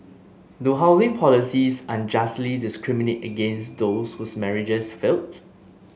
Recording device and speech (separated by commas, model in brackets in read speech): mobile phone (Samsung S8), read sentence